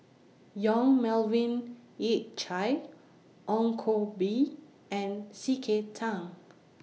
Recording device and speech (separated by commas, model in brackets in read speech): mobile phone (iPhone 6), read sentence